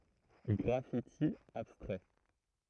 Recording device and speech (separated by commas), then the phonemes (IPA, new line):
throat microphone, read sentence
ɡʁafiti abstʁɛ